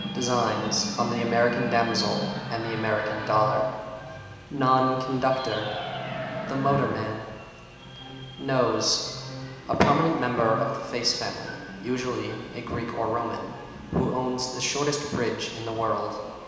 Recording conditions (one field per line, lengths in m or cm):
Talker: one person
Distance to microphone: 1.7 m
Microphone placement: close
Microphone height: 1.0 m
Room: very reverberant, large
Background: television